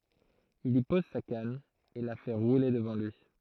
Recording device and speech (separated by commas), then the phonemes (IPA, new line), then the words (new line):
throat microphone, read sentence
il i pɔz sa kan e la fɛ ʁule dəvɑ̃ lyi
Il y pose sa canne et la fait rouler devant lui.